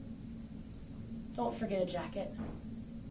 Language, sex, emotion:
English
female
neutral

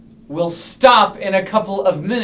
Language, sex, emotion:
English
male
angry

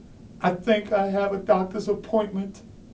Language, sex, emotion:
English
male
fearful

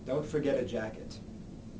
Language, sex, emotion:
English
male
neutral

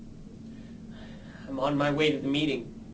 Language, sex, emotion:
English
male
fearful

